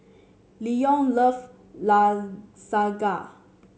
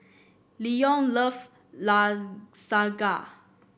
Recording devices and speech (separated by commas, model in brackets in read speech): mobile phone (Samsung C7), boundary microphone (BM630), read sentence